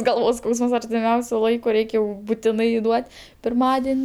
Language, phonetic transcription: Lithuanian, ˈgalvos ˈskausəms artiˈmiausiu ˈlaiku ˈreik' jau buˈtinai ˈduot' pirˈmadin'

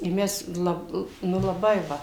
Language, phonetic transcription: Lithuanian, i ˈmes ˈlab ˈnu laˈbai ˈva

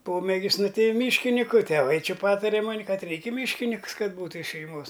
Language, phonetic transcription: Lithuanian, ˈpomėgis ˈnu ˈtai ˈmyškiniku teˈvai ˈči ˈpatare ˈmoni ˈkad ˈreik' i ˈmyškiniks ˈkad ˈbūtu iš šeiˈmos

